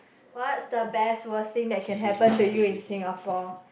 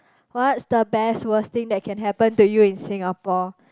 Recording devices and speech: boundary microphone, close-talking microphone, conversation in the same room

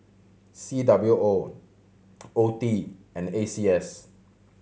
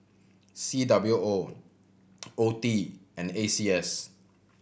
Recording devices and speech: mobile phone (Samsung C7100), boundary microphone (BM630), read sentence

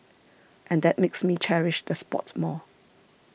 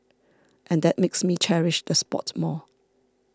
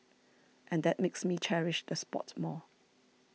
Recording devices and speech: boundary microphone (BM630), standing microphone (AKG C214), mobile phone (iPhone 6), read sentence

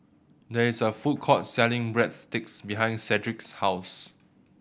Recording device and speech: boundary microphone (BM630), read sentence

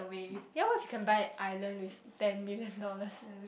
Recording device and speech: boundary microphone, conversation in the same room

